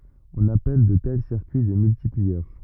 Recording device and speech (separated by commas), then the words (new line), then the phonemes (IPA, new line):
rigid in-ear microphone, read sentence
On appelle de tels circuits des multiplieurs.
ɔ̃n apɛl də tɛl siʁkyi de myltipliœʁ